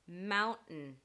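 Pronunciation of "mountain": In 'mountain', the t is replaced by a glottal stop instead of a fully aspirated t sound.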